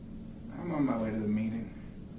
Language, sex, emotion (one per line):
English
male
sad